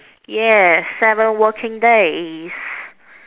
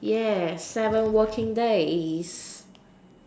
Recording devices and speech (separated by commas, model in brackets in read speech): telephone, standing microphone, conversation in separate rooms